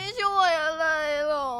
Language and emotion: Thai, sad